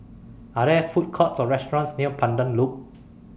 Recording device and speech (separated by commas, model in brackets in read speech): boundary microphone (BM630), read sentence